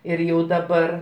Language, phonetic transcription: Lithuanian, ir ˈjau daˈbar

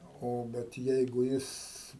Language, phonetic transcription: Lithuanian, ˈo ˈbet ˈjeigu ˈjis

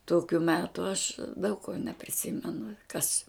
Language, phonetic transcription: Lithuanian, ˈtokiu ˈmetu aš daug ko nepriˈsimenu kas

